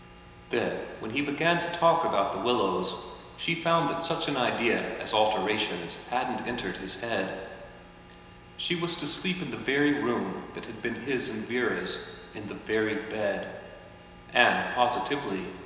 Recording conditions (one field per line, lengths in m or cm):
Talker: one person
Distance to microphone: 1.7 m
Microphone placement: close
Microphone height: 1.0 m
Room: very reverberant, large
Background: none